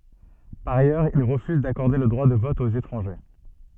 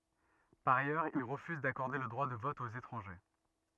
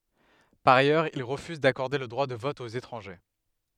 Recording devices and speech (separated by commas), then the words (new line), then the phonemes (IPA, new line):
soft in-ear microphone, rigid in-ear microphone, headset microphone, read sentence
Par ailleurs, il refuse d'accorder le droit de vote aux étrangers.
paʁ ajœʁz il ʁəfyz dakɔʁde lə dʁwa də vɔt oz etʁɑ̃ʒe